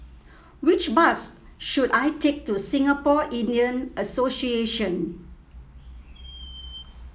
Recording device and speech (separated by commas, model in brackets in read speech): mobile phone (iPhone 7), read sentence